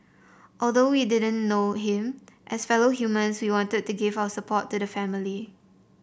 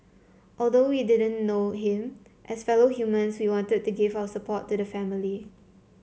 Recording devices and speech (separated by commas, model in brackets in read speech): boundary microphone (BM630), mobile phone (Samsung C7), read sentence